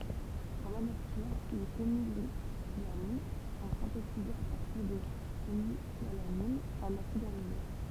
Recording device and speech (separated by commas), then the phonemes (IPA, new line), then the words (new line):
temple vibration pickup, read sentence
dɑ̃ la natyʁ le feniletilamin sɔ̃ sɛ̃tetizez a paʁtiʁ də fenilalanin œ̃n asid amine
Dans la nature, les phényléthylamines sont synthétisées à partir de phénylalanine, un acide aminé.